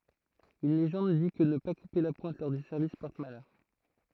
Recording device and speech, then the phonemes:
throat microphone, read sentence
yn leʒɑ̃d di kə nə pa kupe la pwɛ̃t lɔʁ dy sɛʁvis pɔʁt malœʁ

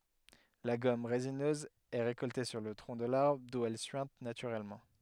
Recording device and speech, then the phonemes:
headset microphone, read sentence
la ɡɔm ʁezinøz ɛ ʁekɔlte syʁ lə tʁɔ̃ də laʁbʁ du ɛl syɛ̃t natyʁɛlmɑ̃

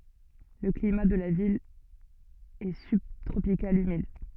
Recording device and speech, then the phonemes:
soft in-ear microphone, read sentence
lə klima də la vil ɛ sybtʁopikal ymid

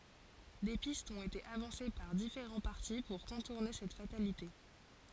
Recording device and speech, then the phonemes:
forehead accelerometer, read sentence
de pistz ɔ̃t ete avɑ̃se paʁ difeʁɑ̃ paʁti puʁ kɔ̃tuʁne sɛt fatalite

